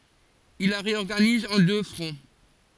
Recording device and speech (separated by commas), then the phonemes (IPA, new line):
forehead accelerometer, read sentence
il la ʁeɔʁɡaniz ɑ̃ dø fʁɔ̃